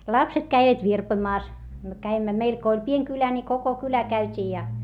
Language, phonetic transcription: Finnish, lapset käivät virpoⁱmaas , myö käimmä meil ko oĺ pieŋ kylä ni koko kylä käyt́ii ja .
- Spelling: lapset kävivät virpomassa me kävimme meillä kun oli pieni kylä niin koko kylä käytiin ja

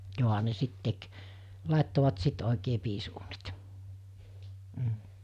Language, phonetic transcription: Finnish, jòɦa ne 'sit tek , 'làettovat 'sit òikee 'piis₍uunit , m̥ .
- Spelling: johan ne sitten teki laittoivat sitten oikein piisiuunit mm

